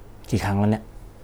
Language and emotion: Thai, frustrated